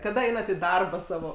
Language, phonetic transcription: Lithuanian, kaˈda ˈeinat į ˈdarbą ˈsavo

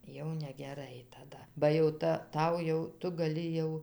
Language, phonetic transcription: Lithuanian, jau negeˈrai taˈda ba jau ˈta ˈtau jau ˈtu gaˈli jau

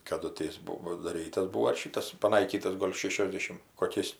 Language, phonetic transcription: Lithuanian, kaˈdu ti ˈjis ˈbuo padaˈrytas ˈbūo ar ˈšytas paˈnaikytas ˈgol' ˈšėšiosdešim koˈkiais

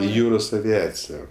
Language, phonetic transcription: Lithuanian, i ˈjūros aviˈacija

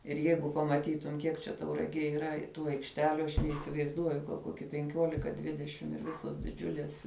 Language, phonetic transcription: Lithuanian, ir ˈjeigu pamaˈtytum ˈkiek čia tauraˈgėj yˈra ˈtų aikšˈteliu aš neisivaizˈduoju ˈkoki penˈkiolika ˈdvidešim ir ˈvisos diˈdžiulės

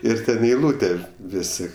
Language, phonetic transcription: Lithuanian, ˈir ˈten i eiˈlūte ˈvisi

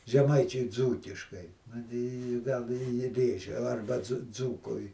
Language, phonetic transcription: Lithuanian, žeˈmaičiui ˈdzūkiškai ˈnu tai i ˈgal i ˈji ˈrėžia arba dzu ˈdzūkui

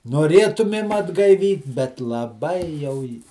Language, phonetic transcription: Lithuanian, noˈrėtumėm atgaiˈvyt bet laˈbai jau ji

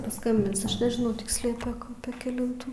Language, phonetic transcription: Lithuanian, paˈskambins ˈaš nežiˈnau ˈtiksliau pėk ˈapė keˈlintų

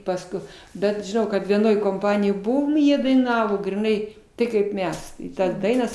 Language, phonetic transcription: Lithuanian, pasˈkui bet žiˈnau kad vieˈnoj komˈpanijoj ˈbuvom i ˈjie daiˈnavo griˈnai ˈtai kaip ˈmes i ˈtas ˈdainas

